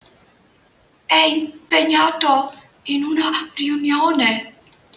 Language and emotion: Italian, fearful